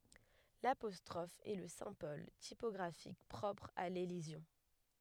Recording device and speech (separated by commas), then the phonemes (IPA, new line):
headset microphone, read sentence
lapɔstʁɔf ɛ lə sɛ̃bɔl tipɔɡʁafik pʁɔpʁ a lelizjɔ̃